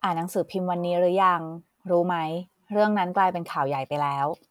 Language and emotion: Thai, neutral